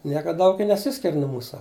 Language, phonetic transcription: Lithuanian, ˈnieka ˈdaug i neˈsiskir' nu ˈmūsa

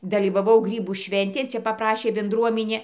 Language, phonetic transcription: Lithuanian, dalyvaˈvau ˈgrybų ˈšventėn ˈčia papˈrašė benˈdruominė

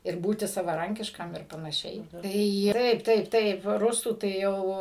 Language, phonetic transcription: Lithuanian, ir ˈbūti savaˈrankiškam ir panaˈšiai ˈtai ˈtaip ˈtaip ˈtaip ˈrusų tai ˈjau

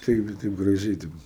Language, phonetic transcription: Lithuanian, ˈtaip gi taip graˈžiai taip

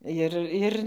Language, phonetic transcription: Lithuanian, ˈjir ˈir

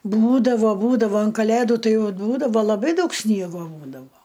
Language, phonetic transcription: Lithuanian, ˈbūdavo ˈbūdavo an kaˈlėdu ˈtai ˈjau ˈbūdavo laˈbai ˈdaug ˈsniego ˈbūdavo

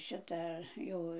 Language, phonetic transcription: Lithuanian, ˈšita ˈjau

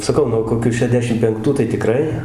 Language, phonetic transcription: Lithuanian, saˈkau nuo koˈkiu šeˈdešim penkˈtų tai tiˈkrai

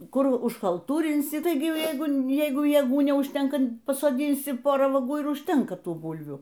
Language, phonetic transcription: Lithuanian, ˈkur užkalˈtūrinsi ˈtaigi ˈjeigu ˈjeigu jėˈgų neužˈtenka pasoˈdinsi ˈporą vaˈgų ir užˈtenka ˈtų ˈbulvių

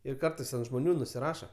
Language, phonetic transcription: Lithuanian, ir ˈkartais ant žmoˈnių nusiˈraša

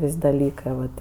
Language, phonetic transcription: Lithuanian, ˈvis' daˈlykɜ vat

